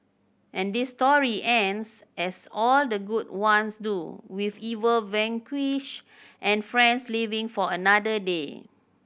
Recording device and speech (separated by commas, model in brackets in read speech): boundary microphone (BM630), read sentence